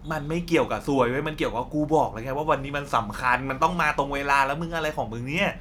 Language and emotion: Thai, frustrated